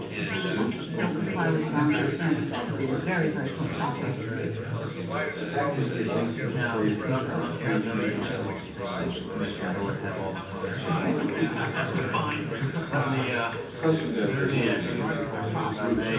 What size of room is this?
A sizeable room.